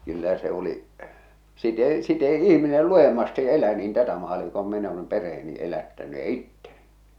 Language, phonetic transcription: Finnish, 'kyllä 'se ‿o̭li , si't ‿èi , si't ‿èi "ihminel "luʲemmasti’ "elä niin 'tätä 'maali- kom min ‿olèm 'perʰeeni 'elättäny ja "itteɴɪ .
- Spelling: kyllä se oli sitä ei sitä ei ihminen lujemmasti elä niin tätä - kuin minä olen perheeni elättänyt ja itseni

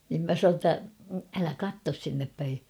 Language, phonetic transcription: Finnish, nim 'mä san̬oo ‿ttä , » 'älä "kattos sinnep päi ! «
- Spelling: niin minä sanoin että älä katso sinne päin

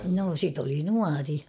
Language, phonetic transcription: Finnish, no sit ‿oli "nuari .
- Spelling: no sitä oli nuori

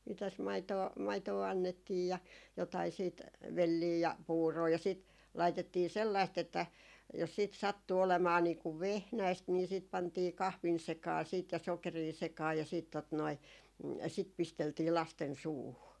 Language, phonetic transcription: Finnish, mi- , mitäs 'maitoo , 'maitoo 'annettiij ja , jotai siit , "vellii ja "puuroo ja sìt , 'laitettii 'sellaist ‿että , jos siit 'sattu olemaa niiku "vehnäist nii sìt 'pantii "kahvin 'sekaa siit ja 'sokerii 'sekaa ja siit , tot noi , sit 'pisteltii 'lasten "suuhu .
- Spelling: - mitäs maitoa maitoa annettiin ja jotakin sitten velliä ja puuroa ja sitten laitettiin sellaista että jos sitten sattui olemaan niin kun vehnäistä niin sitten pantiin kahvin sekaan sitten ja sokeria sekaan ja sitten tuota noin sitä pisteltiin lasten suuhun

